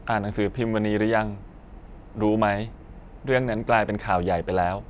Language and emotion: Thai, neutral